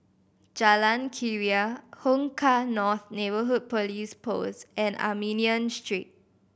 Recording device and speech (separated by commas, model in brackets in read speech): boundary microphone (BM630), read sentence